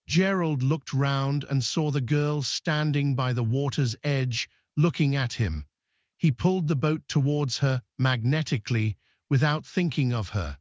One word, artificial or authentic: artificial